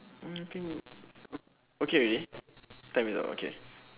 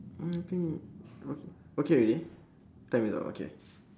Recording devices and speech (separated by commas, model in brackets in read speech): telephone, standing microphone, conversation in separate rooms